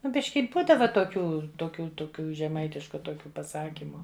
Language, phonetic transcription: Lithuanian, ˈnu ˈbiški ˈbūdava toˈkių toˈkių toˈkių žeˈmaitišku toˈkių paˈsakimu

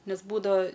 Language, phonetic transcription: Lithuanian, ˈnes ˈbūdava

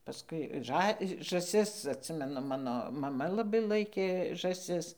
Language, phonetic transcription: Lithuanian, paˈskui ˈžą žaˈsis atˈsimenu ˈmano maˈma laˈbai ˈlaikė žąˈsis

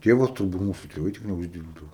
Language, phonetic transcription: Lithuanian, ˈtėvas taˈda ˈmūsu tėˈvai ˈtiek neužˈdyrbdavo

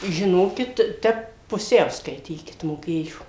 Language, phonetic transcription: Lithuanian, žiˈnokit ˈtep puˈsiau skaiˈtykit moˈkėjo

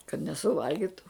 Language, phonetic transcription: Lithuanian, kad nesuˈvalgitu

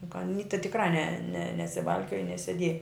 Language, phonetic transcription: Lithuanian, juk aˈny ta tikˈrai ne ne nesiˈvalkioja neseˈdieja

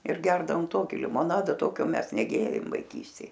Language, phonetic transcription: Lithuanian, ir ˈgerdavom ˈtoki limoˈnada ˈtokio ˈmes neˈgėrėm vaiˈkystėj

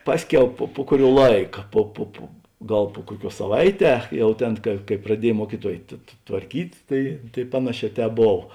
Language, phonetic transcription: Lithuanian, ˈpasˌkiau po po ˈkuˌriuo ˈlaika ˈpo po po ˈgal po ˈkuoˌkiuos saˈvaiˌtē ˈjau ˈtėn ka kai praˈdiej ˈmuokyˌtuoj tv tvarˈkyt' ˈtai tai ˈpanaˌšē ˈtēp ˈbov

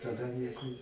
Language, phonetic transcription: Lithuanian, taˈda ˈnieku

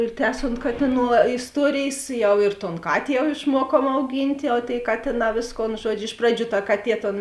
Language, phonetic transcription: Lithuanian, ir ˈtęsont ˈkatiˌnų va isˈtuorėjės ˈjau ir ton ˈkatė jau išˈmuokuom auˈgynt' jau tėi ˈkatėˌnā ˈvėsˌkon ˈžuodžiu ˈiš praˌdžių ta ˈkaˌtie ton

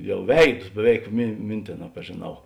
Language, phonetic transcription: Lithuanian, ˈjau ˈveidus beˈveik mi ˈmintėˌnā pažėˈnau

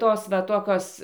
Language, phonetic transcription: Lithuanian, ˈtos va ˈtokios

